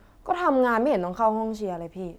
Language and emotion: Thai, frustrated